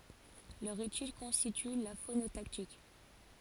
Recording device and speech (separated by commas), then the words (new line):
forehead accelerometer, read sentence
Leur étude constitue la phonotactique.